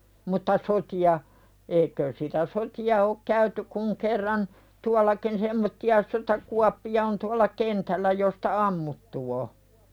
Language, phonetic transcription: Finnish, mutta 'soti₍a , 'eiköös sitä "soti₍a ok käyty kuŋ kerran , 'tual̆lakin semmotti₍a sotakuappi₍a on tual̆la "kentällä josta "ammuttu o .
- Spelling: mutta sotia eikös sitä sotia ole käyty kuin kerran tuollakin semmoisia sotakuoppia on tuolla kentällä josta ammuttu on

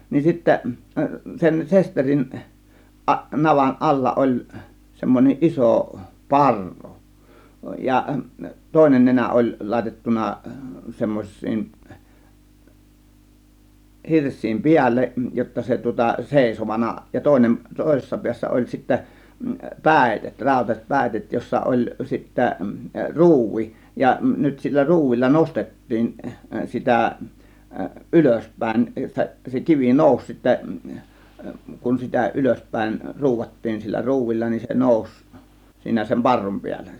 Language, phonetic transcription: Finnish, 'nin sittä , 'sen 'sesterin , 'ˀaˀ- , 'navan "ˀalla ˀoĺ , 'semmon͕eˀ "ˀiso , "parru , ja 'tòėnen 'nenä 'ˀoĺ 'làėtettuna 'semmoś̆siin , 'hirs̆siim "piälleˀ , jotta se tŭŏta "sèisovana ja 'tòėnem , 'tòėsessa 'piässä oĺ sittä , "pä̀itet , 'ráȯtas͕et "pä̀itet jossa oĺ sittä "ruuvi , ja 'nyt sillä 'ruuvilla "nostet̀tiin , "sitä , "ˀylösp̀ä̀ėn , 'se kivi "nòus sittä , kun sitä 'ylösp̀äėn , "ruuvattiin sillä 'ruuvilla nin se "nòus , 'siinä sem "parrum 'piäll(E) .
- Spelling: niin sitten sen sesterin - navan alla oli semmoinen iso parru ja toinen nenä oli laitettu semmoisten hirsien päälle jotta se tuota seisovana ja toinen toisessa päässä oli sitten päitset rautaiset päitset jossa oli sitten ruuvi ja nyt sillä ruuvilla nostettiin sitä ylöspäin se kivi nousi sitten kun sitä ylöspäin ruuvattiin sillä ruuvilla niin se nousi siinä sen parrun päälle

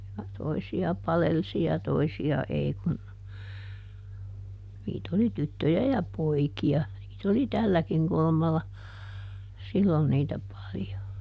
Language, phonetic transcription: Finnish, ja ˈtoisi₍a ˈpalelsi ja ˈtoisi₍a ˈei kun , ˈniit ‿oli ˈtyttöjä ja "poiki₍a , niit ‿oli "tälläkiŋ ˈkulᵘmalla , ˈsillon niitä ˈpaljo .
- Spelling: ja toisia palelsi ja toisia ei kun niitä oli tyttöjä ja poikia niitä oli tälläkin kulmalla silloin niitä paljon

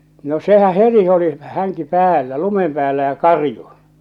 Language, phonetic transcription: Finnish, no "sehä "heti oli 'häŋki "päällä , "lumem 'päällä ja "karju .
- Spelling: no sehän heti oli hänkin päällä lumen päällä ja karjui

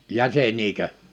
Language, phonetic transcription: Finnish, 'jäseǹiikö ?
- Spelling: jäseniäkö

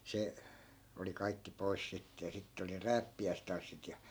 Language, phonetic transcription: Finnish, 'se , oli kaikki 'pois sitte ja 'sitte oli (ne) "rääppi₍äistanssit ja .
- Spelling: se oli kaikki pois sitten ja sitten oli ne rääppiäistanssit ja

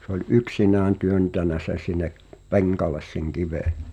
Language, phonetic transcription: Finnish, se ‿oĺ "’yksinään 'työntänä seⁿ̬ sin̆ne’ , "peŋkales seŋ 'kive .
- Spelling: se oli yksinään työntänyt sen sinne penkalle sen kiven

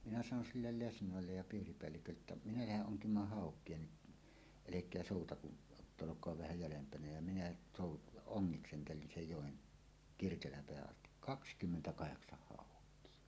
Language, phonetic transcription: Finnish, minä sanon sillel "lesnòellej ja 'piiripeällikölleettä’ ’minä "läheˀ 'ˀoŋkim̀aah "hàok̀ie ni , "elek̀eä 'sòutaku , [j]ot"t ‿olok̀oa vähä 'jälempänä ja minä sòut- , "oŋŋiksentelin 'sej 'jòen , 'Kirkelämpeähä’ ’asti , "kakskymmentä'kaheksah "hàok̀ie .
- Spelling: minä sanon sille lesnoille ja piiripäällikölle että minä lähden onkimaan haukia niin älkää soutako jotta olkaa vähän jäljempänä ja minä - ongiskentelin sen joen Kirkelänpäähän asti kaksikymmentä haukea

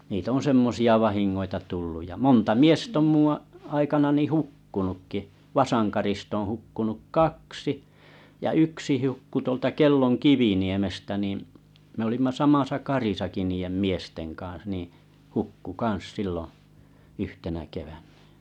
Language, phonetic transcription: Finnish, niit ‿on̬ 'semmosi₍a 'vahin̬n̬oita 'tulluj ja 'monta "miest ‿om 'muᵘ̰ a- , aikanani "hukkunukki , 'Vasaŋkarist ‿oo̰ "hu͕kkunuk "kaksi , ja "yksi 'hu͕kku tuolta 'Kelloŋ "Kiviniemestä nì , me olimma 'samasa 'karisaki niijem "miesteŋ kaa̰s nìḭ , 'hukku 'kaa̰s 'sìlloo̰ , 'yhtenä kevänɴᴀ̈ .
- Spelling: niitä on semmoisia vahinkoja tullut ja monta miestä on minun - aikanani hukkunutkin Vasankarista on hukkunut kaksi ja yksi hukkui tuolta Kellon Kiviniemestä niin me olimme samassa karissakin niiden miesten kanssa niin hukkui kanssa silloin yhtenä keväänä

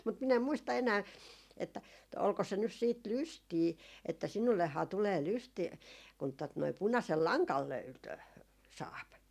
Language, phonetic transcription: Finnish, mut min ‿em 'muista enää , että , olko se nys siit "lystii että » 'sinullehhaa tulee "lystii » , kun tot noi 'punasel "laŋkan 'löytö- , 'saap .
- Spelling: mutta minä en muista enää että oliko se nyt sitten lystiä että sinullehan tulee lystiä kun tuota noin punaisen langan - saa

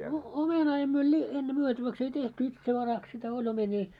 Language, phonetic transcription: Finnish, no 'omenaa emmö li- , enne 'myötäväks ei 'tehty 'itsevaraks sitä 'oĺ omeńii .
- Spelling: no omenaa en - ennen myytäväksi ei tehty itsevaraksi sitä oli omenia

